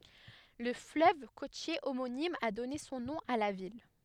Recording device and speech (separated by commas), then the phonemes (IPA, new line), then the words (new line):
headset microphone, read sentence
lə fløv kotje omonim a dɔne sɔ̃ nɔ̃ a la vil
Le fleuve côtier homonyme a donné son nom à la ville.